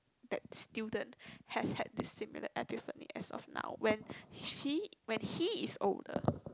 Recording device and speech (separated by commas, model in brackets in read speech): close-talking microphone, conversation in the same room